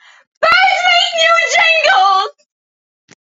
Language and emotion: English, happy